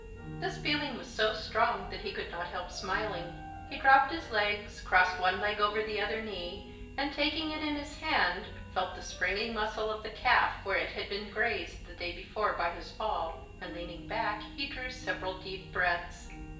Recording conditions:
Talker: one person; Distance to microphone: 1.8 m; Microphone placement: close; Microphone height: 1.0 m; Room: large; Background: music

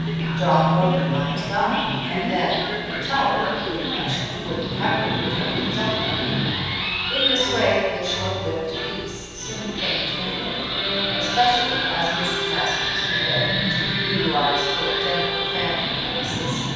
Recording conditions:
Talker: one person; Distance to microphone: 7.1 m; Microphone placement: far; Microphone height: 1.7 m; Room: very reverberant, large; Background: television

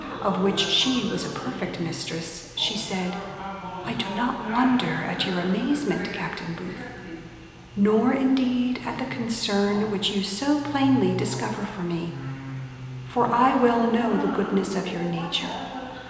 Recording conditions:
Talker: one person; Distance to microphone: 1.7 m; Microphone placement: close; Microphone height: 1.0 m; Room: very reverberant, large; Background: television

